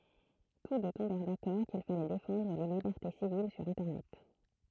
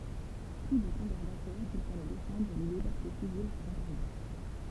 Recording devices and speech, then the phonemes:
throat microphone, temple vibration pickup, read sentence
tus dø tɔ̃bɛʁ dakɔʁ kil falɛ defɑ̃dʁ le libɛʁte sivil syʁ ɛ̃tɛʁnɛt

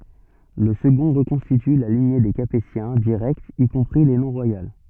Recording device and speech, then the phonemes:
soft in-ear microphone, read sentence
lə səɡɔ̃ ʁəkɔ̃stity la liɲe de kapetjɛ̃ diʁɛktz i kɔ̃pʁi le nɔ̃ ʁwajal

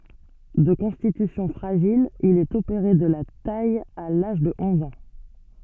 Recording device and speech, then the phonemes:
soft in-ear microphone, read sentence
də kɔ̃stitysjɔ̃ fʁaʒil il ɛt opeʁe də la taj a laʒ də ɔ̃z ɑ̃

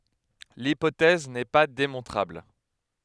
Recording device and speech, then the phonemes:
headset microphone, read sentence
lipotɛz nɛ pa demɔ̃tʁabl

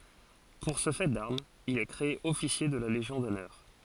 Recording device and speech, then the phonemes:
forehead accelerometer, read sentence
puʁ sə fɛ daʁmz il ɛ kʁee ɔfisje də la leʒjɔ̃ dɔnœʁ

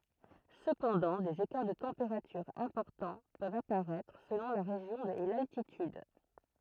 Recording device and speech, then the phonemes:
throat microphone, read sentence
səpɑ̃dɑ̃ dez ekaʁ də tɑ̃peʁatyʁz ɛ̃pɔʁtɑ̃ pøvt apaʁɛtʁ səlɔ̃ la ʁeʒjɔ̃ e laltityd

